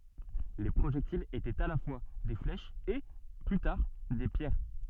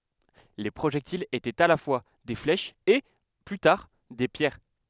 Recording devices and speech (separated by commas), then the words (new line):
soft in-ear microphone, headset microphone, read sentence
Les projectiles étaient à la fois des flèches et, plus tard, des pierres.